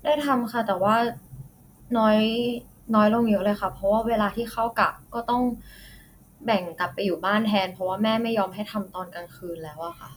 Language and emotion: Thai, frustrated